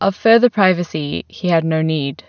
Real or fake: real